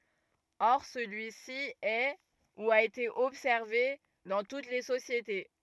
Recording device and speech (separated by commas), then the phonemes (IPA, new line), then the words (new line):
rigid in-ear microphone, read sentence
ɔʁ səlyi si ɛ u a ete ɔbsɛʁve dɑ̃ tut le sosjete
Or, celui-ci est, ou a été observé, dans toutes les sociétés.